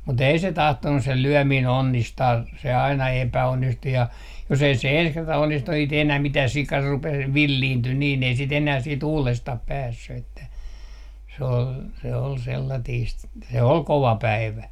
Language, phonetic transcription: Finnish, mut ‿ei se 'tahtonnu 'se "lyömiin 'onnistaa , se aina 'epäonnistu ja , jos ei se "ens 'kerta 'onnistu ei sⁱt ‿enää mitää sika rupee , "villiinty niin ‿ei sit ‿enää siit 'uulestah 'päässy että , se ol se ol 'sellatiist , se "ol 'kova päivä .
- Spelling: mutta ei se tahtonut se lyöminen onnistaa se aina epäonnistui ja jos ei se ensi kerta onnistu ei sitä enää mitään sika rupeaa villiintyi niin ei sitä enää sitten uudestaan päässyt että se oli se oli sellaista se oli kova päivä

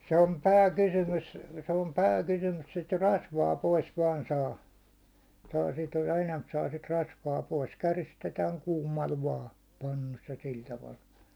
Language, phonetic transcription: Finnish, se om "pää'kysymys , se om "pä'kusumus sit 'rasvaa 'pois 'vaan 'saa , saa sit , 'enämp saa sit 'rasvaa pois 'käristetääŋ 'kuum̆mal vaa , 'pannus ja 'sil taval .
- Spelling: se on pääkysymys se on pääkysymys sitä rasvaa pois vain saa saa sitä enempi saa sitä rasvaa pois käristetään kuumalla vain pannussa ja sillä tavalla

